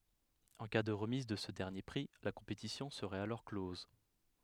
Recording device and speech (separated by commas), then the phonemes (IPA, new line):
headset microphone, read sentence
ɑ̃ ka də ʁəmiz də sə dɛʁnje pʁi la kɔ̃petisjɔ̃ səʁɛt alɔʁ klɔz